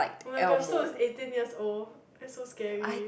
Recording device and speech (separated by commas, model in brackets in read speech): boundary microphone, conversation in the same room